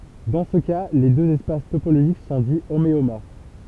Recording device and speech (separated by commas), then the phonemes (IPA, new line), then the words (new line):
temple vibration pickup, read sentence
dɑ̃ sə ka le døz ɛspas topoloʒik sɔ̃ di omeomɔʁf
Dans ce cas, les deux espaces topologiques sont dits homéomorphes.